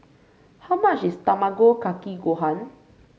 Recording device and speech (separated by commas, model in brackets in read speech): mobile phone (Samsung C5), read sentence